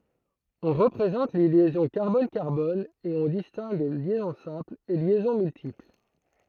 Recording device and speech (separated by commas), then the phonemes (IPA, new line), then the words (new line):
throat microphone, read sentence
ɔ̃ ʁəpʁezɑ̃t le ljɛzɔ̃ kaʁbɔn kaʁbɔn e ɔ̃ distɛ̃ɡ ljɛzɔ̃ sɛ̃pl e ljɛzɔ̃ myltipl
On représente les liaisons carbone-carbone et on distingue liaison simple et liaisons multiples.